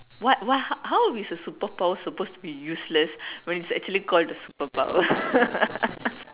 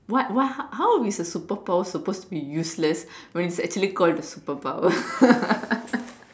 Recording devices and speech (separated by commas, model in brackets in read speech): telephone, standing microphone, conversation in separate rooms